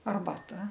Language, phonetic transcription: Lithuanian, arbaˈta

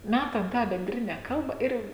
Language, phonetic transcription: Lithuanian, ˈmætam tą benˈdrine ˈkalba ˈir

